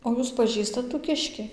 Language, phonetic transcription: Lithuanian, o ˈjūs paˈžįstat tų ˈkiški

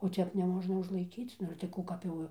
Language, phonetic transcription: Lithuanian, o ˈtep neˈmožna užlaiˈkyc ˈnu ir tai ˈkų kap ˈjau

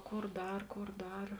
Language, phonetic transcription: Lithuanian, ˈkor ˈdar ˈkor ˈdar

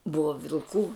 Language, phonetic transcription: Lithuanian, ˈbuva vilˈkų

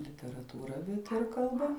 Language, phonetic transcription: Lithuanian, literatūˈra bet ir kalˈba

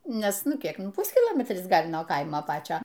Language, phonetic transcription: Lithuanian, ˈnes ˈnu ˈkiek ˈpuskilometris ˈgal' nuo ˈkaimo ˈpačio

